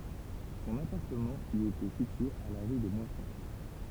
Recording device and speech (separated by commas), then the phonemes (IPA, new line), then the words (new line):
temple vibration pickup, read sentence
sɔ̃n apaʁtəmɑ̃ i etɛ sitye a la ʁy de mwasɔ̃
Son appartement y était situé à la rue des Moissons.